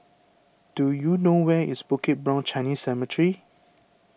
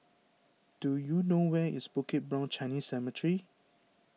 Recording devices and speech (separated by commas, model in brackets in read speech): boundary microphone (BM630), mobile phone (iPhone 6), read sentence